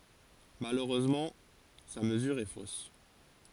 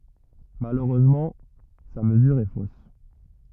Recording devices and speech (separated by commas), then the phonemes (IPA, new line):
forehead accelerometer, rigid in-ear microphone, read sentence
maløʁøzmɑ̃ sa məzyʁ ɛ fos